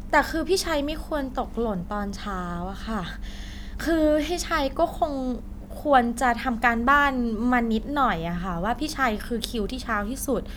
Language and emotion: Thai, frustrated